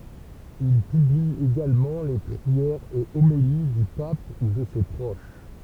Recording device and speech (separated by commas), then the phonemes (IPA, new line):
temple vibration pickup, read sentence
il pybli eɡalmɑ̃ le pʁiɛʁz e omeli dy pap u də se pʁoʃ